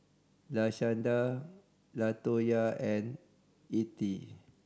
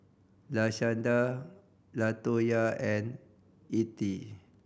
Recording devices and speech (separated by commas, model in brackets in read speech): standing microphone (AKG C214), boundary microphone (BM630), read sentence